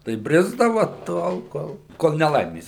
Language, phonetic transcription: Lithuanian, tai ˈbrisdava ˈtol ˈkol ˈkol neˈlaimės

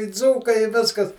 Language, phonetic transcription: Lithuanian, i ˈdzūkai i ˈviskas

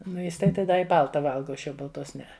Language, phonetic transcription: Lithuanian, ˈnu ˈjis tai ˈda i ˈbalta ˈvalga o ˈaš jau balˈtos ˈnee

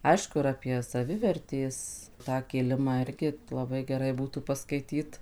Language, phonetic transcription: Lithuanian, ˈaišku ir apie saˈvivertės tą kiˈlimą ˈirgi laˈbai geˈrai ˈbūtų paskaiˈtyt

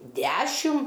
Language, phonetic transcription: Lithuanian, ˈdæšim

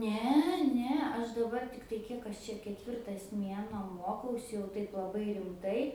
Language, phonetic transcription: Lithuanian, ˈne ˈne ˈaš daˈbar ˈtiktai ˈkiek aš čia keˈtvirtas ˈmienuo ˈmuokausi jau ˈtaip laˈbai rimˈtai

